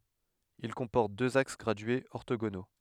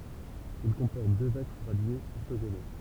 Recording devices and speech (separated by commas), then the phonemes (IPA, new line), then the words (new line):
headset microphone, temple vibration pickup, read sentence
il kɔ̃pɔʁt døz aks ɡʁadyez ɔʁtoɡono
Il comporte deux axes gradués orthogonaux.